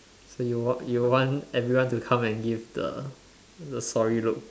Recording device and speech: standing microphone, conversation in separate rooms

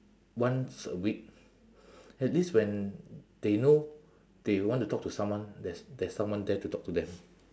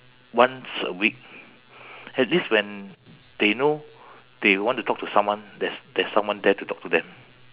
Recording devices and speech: standing microphone, telephone, conversation in separate rooms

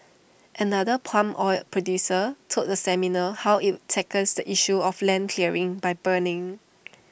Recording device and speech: boundary microphone (BM630), read sentence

